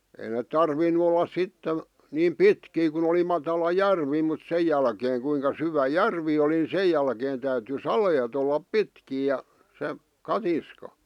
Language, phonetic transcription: Finnish, ei neᵗ 'tarvin̆nu ol̆las 'sitten̬ , niim "pitkii kun ‿oli matala "järvi mut 'sej jälkeeŋ kuiŋka 'syvä "järvi oli ni 'sej jälkeen täyty "saleet ollap "pitkii ja , se , 'katiska .
- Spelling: ei ne tarvinnut olla sitten niin pitkiä kun oli matala järvi mutta sen jälkeen kuinka syvä järvi oli niin sen jälkeen täytyi saleet olla pitkiä ja se katiska

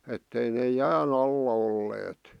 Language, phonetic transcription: Finnish, ettei nee "jää"n ‿alla olleet .
- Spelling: että ei ne jään alla olleet

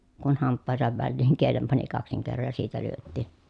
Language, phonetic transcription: Finnish, kun hamppàehesav välliiŋ kielem pani kaksiŋ kerroj ja siitä lyöttì .
- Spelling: kun hampaidensa väliin kielen pani kaksin kerroin ja siitä lyötti

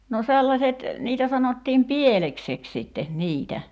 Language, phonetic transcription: Finnish, no 'sellaset , 'niitä sanottiim "pieleksek sitte , "niitä .
- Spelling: no sellaiset niitä sanottiin pielekseksi sitten niitä

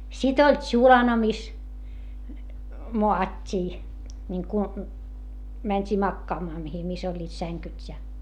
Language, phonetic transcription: Finnish, sit ‿oĺ tšulana mis , moat́t́ii , niŋku , mäńt́ii makkaamaa mihi mis ‿oĺĺiit säŋkyt́ ja .
- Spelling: sitten oli tsulana missä maattiin niin kuin mentiin makaamaan mihin missä olivat sängyt ja

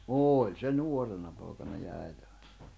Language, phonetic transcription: Finnish, ooĺ se "nuorena pòi̬kana ja 'äite(ᴠᴀɪɴᴀ) .
- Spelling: oli se nuorena poikana ja äitivainaja

